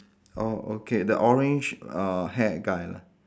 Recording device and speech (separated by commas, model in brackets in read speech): standing microphone, conversation in separate rooms